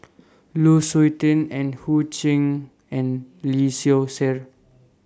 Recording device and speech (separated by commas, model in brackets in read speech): standing microphone (AKG C214), read sentence